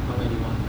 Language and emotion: Thai, frustrated